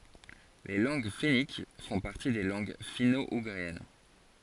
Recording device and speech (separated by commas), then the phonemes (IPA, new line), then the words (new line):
forehead accelerometer, read sentence
le lɑ̃ɡ fɛnik fɔ̃ paʁti de lɑ̃ɡ fino uɡʁiɛn
Les langues fenniques font partie des langues finno-ougriennes.